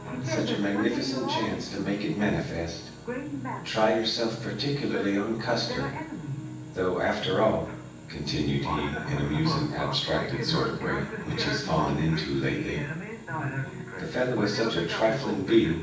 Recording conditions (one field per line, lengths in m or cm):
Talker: one person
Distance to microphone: 9.8 m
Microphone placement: far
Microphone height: 1.8 m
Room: large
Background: television